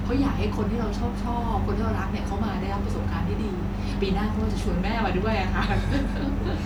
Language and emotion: Thai, happy